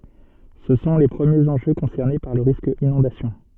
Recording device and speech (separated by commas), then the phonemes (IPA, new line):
soft in-ear microphone, read sentence
sə sɔ̃ le pʁəmjez ɑ̃ʒø kɔ̃sɛʁne paʁ lə ʁisk inɔ̃dasjɔ̃